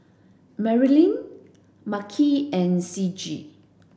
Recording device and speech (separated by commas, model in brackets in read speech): boundary microphone (BM630), read sentence